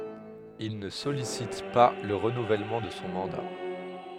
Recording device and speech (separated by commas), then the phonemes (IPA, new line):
headset microphone, read sentence
il nə sɔlisit pa lə ʁənuvɛlmɑ̃ də sɔ̃ mɑ̃da